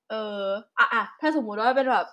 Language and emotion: Thai, neutral